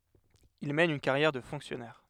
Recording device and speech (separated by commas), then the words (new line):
headset microphone, read sentence
Il mène une carrière de fonctionnaire.